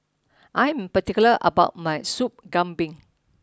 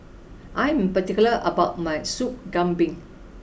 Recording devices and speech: standing microphone (AKG C214), boundary microphone (BM630), read sentence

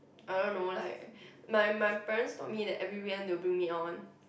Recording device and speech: boundary microphone, conversation in the same room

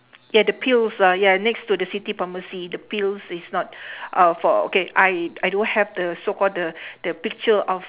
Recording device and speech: telephone, conversation in separate rooms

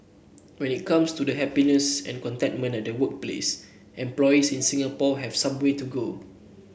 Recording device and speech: boundary microphone (BM630), read sentence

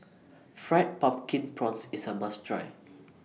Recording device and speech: mobile phone (iPhone 6), read sentence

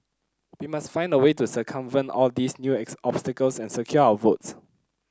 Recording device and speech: close-talking microphone (WH30), read sentence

